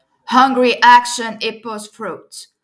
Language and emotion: English, neutral